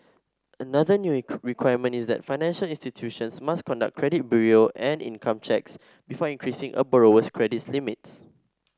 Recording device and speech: standing microphone (AKG C214), read sentence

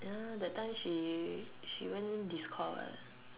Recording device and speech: telephone, conversation in separate rooms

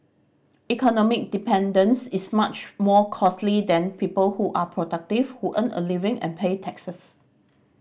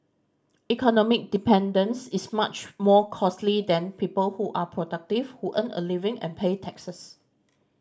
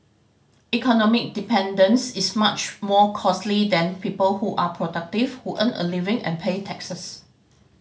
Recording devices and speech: boundary microphone (BM630), standing microphone (AKG C214), mobile phone (Samsung C5010), read sentence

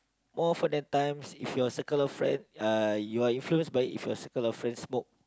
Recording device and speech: close-talking microphone, conversation in the same room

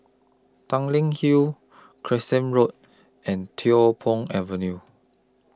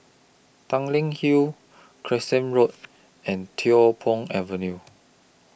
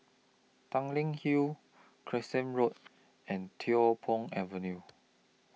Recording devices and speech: close-talking microphone (WH20), boundary microphone (BM630), mobile phone (iPhone 6), read sentence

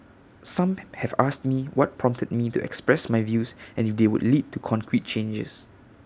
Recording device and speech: standing microphone (AKG C214), read sentence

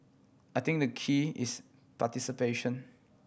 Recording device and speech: boundary microphone (BM630), read sentence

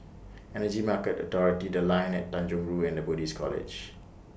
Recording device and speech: boundary microphone (BM630), read sentence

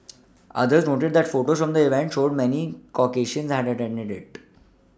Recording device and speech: standing microphone (AKG C214), read sentence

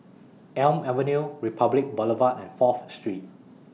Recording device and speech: mobile phone (iPhone 6), read sentence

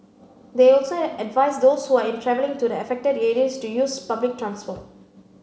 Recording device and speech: mobile phone (Samsung C9), read sentence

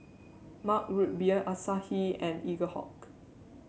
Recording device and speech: mobile phone (Samsung C7), read sentence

